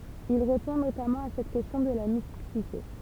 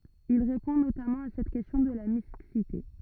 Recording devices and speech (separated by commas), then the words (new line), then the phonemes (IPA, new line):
temple vibration pickup, rigid in-ear microphone, read sentence
Il répond notamment à cette question de la mixité.
il ʁepɔ̃ notamɑ̃ a sɛt kɛstjɔ̃ də la miksite